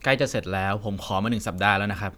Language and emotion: Thai, frustrated